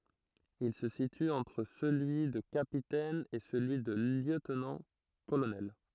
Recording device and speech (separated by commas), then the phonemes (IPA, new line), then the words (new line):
throat microphone, read sentence
il sə sity ɑ̃tʁ səlyi də kapitɛn e səlyi də ljøtnɑ̃tkolonɛl
Il se situe entre celui de capitaine et celui de lieutenant-colonel.